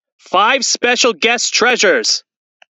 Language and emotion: English, sad